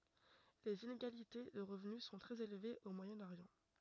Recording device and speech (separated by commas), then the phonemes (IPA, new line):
rigid in-ear microphone, read sentence
lez ineɡalite də ʁəvny sɔ̃ tʁɛz elvez o mwajɛ̃ oʁjɑ̃